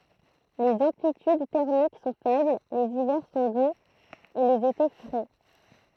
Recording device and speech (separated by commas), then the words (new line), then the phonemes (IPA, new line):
throat microphone, read sentence
Les amplitudes thermiques sont faibles, les hivers sont doux et les étés frais.
lez ɑ̃plityd tɛʁmik sɔ̃ fɛbl lez ivɛʁ sɔ̃ duz e lez ete fʁɛ